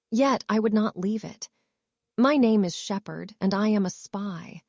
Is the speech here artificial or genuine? artificial